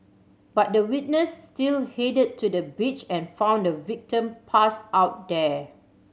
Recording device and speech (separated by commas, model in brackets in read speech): mobile phone (Samsung C7100), read sentence